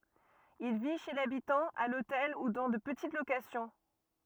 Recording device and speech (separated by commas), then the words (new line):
rigid in-ear microphone, read sentence
Il vit chez l'habitant, à l'hôtel ou dans de petites locations.